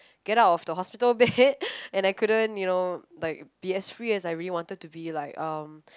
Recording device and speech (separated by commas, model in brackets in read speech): close-talking microphone, conversation in the same room